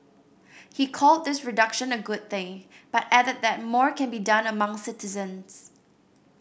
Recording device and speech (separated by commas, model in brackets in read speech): boundary microphone (BM630), read sentence